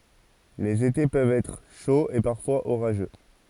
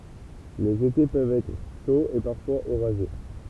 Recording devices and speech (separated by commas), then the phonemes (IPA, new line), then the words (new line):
forehead accelerometer, temple vibration pickup, read sentence
lez ete pøvt ɛtʁ ʃoz e paʁfwaz oʁaʒø
Les étés peuvent être chauds et parfois orageux.